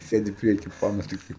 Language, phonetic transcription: Lithuanian, ˈsėdi ˈprieky ˈpanos ˈtiktai

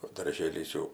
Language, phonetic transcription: Lithuanian, o darˈžėlis jau

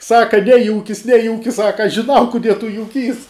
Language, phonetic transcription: Lithuanian, ˈsaka ˈnejūkis ˈnejūkis ˈsaka žiˈnau kuˈdie tu juˈkys

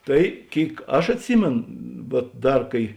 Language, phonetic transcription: Lithuanian, ˈtai ˈkėik ˈaš atˈsymėn vuot ˈdar ˈkai

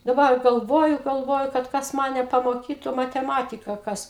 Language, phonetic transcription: Lithuanian, daˈba ˈa galˈvoju galˈvoju kad ˈkas ˈmane pamoˈkytu mateˈmatika ˈkas

